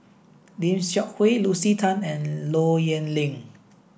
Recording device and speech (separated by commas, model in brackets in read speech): boundary microphone (BM630), read sentence